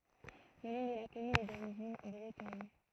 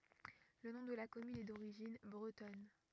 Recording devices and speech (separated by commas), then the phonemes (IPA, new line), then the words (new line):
throat microphone, rigid in-ear microphone, read sentence
lə nɔ̃ də la kɔmyn ɛ doʁiʒin bʁətɔn
Le nom de la commune est d'origine bretonne.